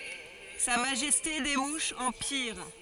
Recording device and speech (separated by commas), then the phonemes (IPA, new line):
forehead accelerometer, read sentence
sa maʒɛste de muʃz ɑ̃ piʁ